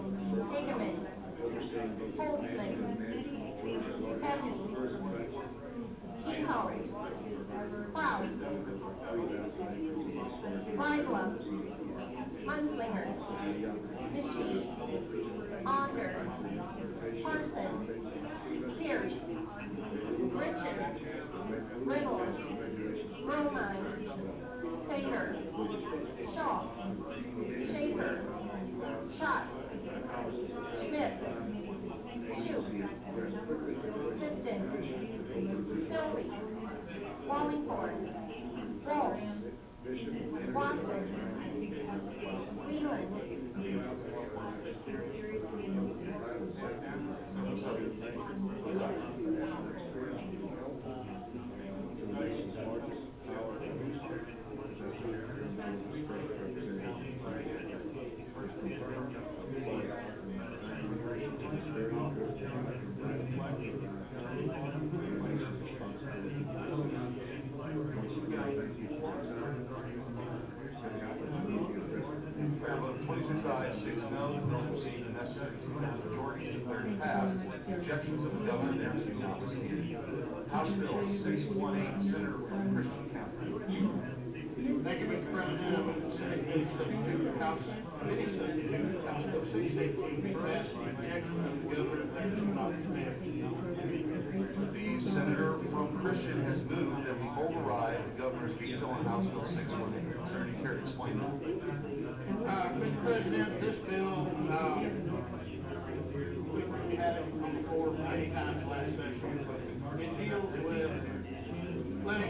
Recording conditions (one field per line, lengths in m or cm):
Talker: no one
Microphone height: 64 cm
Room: medium-sized (5.7 m by 4.0 m)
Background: babble